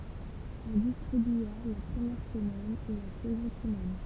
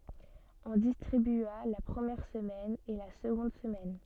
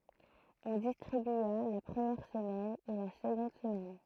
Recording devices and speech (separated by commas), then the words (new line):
temple vibration pickup, soft in-ear microphone, throat microphone, read sentence
On distribua la première semaine et la seconde semaine.